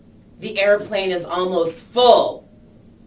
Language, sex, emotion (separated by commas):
English, female, angry